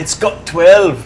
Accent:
scottish accent